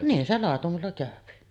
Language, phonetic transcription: Finnish, 'niin se làetumella kä̀öpi .
- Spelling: niin se laitumella käy

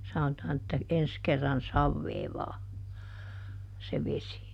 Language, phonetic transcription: Finnish, ˈsanotaan että , "ens kerran "savveeˈvaa , se ˈvesi .
- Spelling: sanotaan että ensi kerran saveavaa se vesi

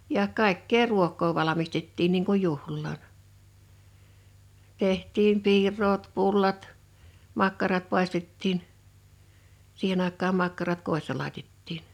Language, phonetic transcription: Finnish, ja , 'kàikkee 'ruok̆koo 'valamistettiin niiŋ kuj "juhllaan , 'teht̀iim 'piir̀oot 'pullat , 'makkarat pàistettiin , 'sihen ‿àek̆kaam 'makkarat "kòissa làitettiin .
- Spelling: ja kaikkea ruokaa valmistettiin niin kuin juhlaan tehtiin piiraat pullat makkarat paistettiin siihen aikaan makkarat kodissa laitettiin

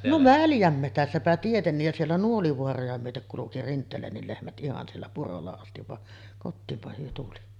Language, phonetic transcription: Finnish, no "väljämmetässäpä tietennij ja 'siellä "Nuolivoaroja myötek kuluki 'Rint̆teelännil lehmät '’ihan siellä "purolla astiv va , 'kottiimpa hyö tuli .
- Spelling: no väljänmetsässäpä tietenkin ja siellä Nuolivaaroja myöten kulki Rinteelänkin lehmät ihan siellä purolla asti vaan kotiin he tuli

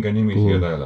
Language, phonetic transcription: Finnish, kulu - ,.
- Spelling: -

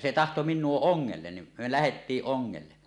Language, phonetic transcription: Finnish, se 'tahto 'min̆nuo "oŋŋellen nim me 'lähettiiˀ 'ˀoŋŋelle .
- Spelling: se tahtoi minua ongelle niin me lähdettiin ongelle

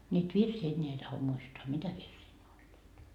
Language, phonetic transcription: Finnish, niit virsii 'enneä ei taho 'muistoa "mitä virsii ne oĺĺiit .
- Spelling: niitä virsiä enää ei tahdo muistaa mitä virsiä ne olivat

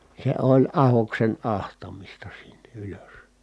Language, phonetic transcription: Finnish, se oĺ ahoksen ahtamista siNNE ʼylös .
- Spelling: se oli ahdoksen ahtamista sinne ylös

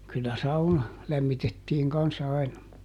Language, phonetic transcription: Finnish, kyllä ˈsauna , ˈlämmitettiiŋ ˈkans aina .
- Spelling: kyllä sauna lämmitettiin kanssa aina

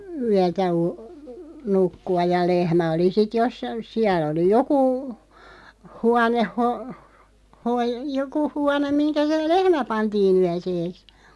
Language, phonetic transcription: Finnish, 'yätä o- , 'nukku₍a ja "lehmä oli sit 'joss(ain) , 'siäl ‿oli 'jokù , 'huaneh ho- , hoi- , 'joku huanem 'miŋkä se "lehmä 'pantii'n ‿yäseeks .
- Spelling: yötä - nukkua ja lehmä oli sitten jossakin siellä oli joku huone - - joku huone mihinkä se lehmä pantiin yöksi

